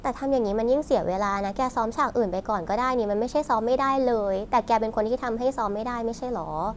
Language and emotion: Thai, frustrated